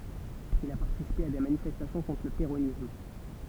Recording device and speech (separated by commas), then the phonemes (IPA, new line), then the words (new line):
temple vibration pickup, read sentence
il a paʁtisipe a de manifɛstasjɔ̃ kɔ̃tʁ lə peʁonism
Il a participé à des manifestations contre le péronisme.